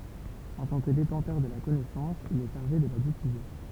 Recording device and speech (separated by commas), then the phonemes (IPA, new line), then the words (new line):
temple vibration pickup, read sentence
ɑ̃ tɑ̃ kə detɑ̃tœʁ də la kɔnɛsɑ̃s il ɛ ʃaʁʒe də la difyze
En tant que détenteur de la connaissance, il est chargé de la diffuser.